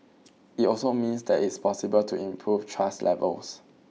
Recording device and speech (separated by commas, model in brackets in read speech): mobile phone (iPhone 6), read sentence